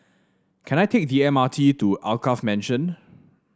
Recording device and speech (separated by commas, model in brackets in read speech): standing microphone (AKG C214), read sentence